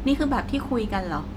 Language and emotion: Thai, frustrated